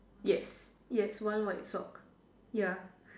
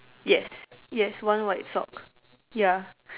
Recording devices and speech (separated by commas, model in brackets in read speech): standing microphone, telephone, conversation in separate rooms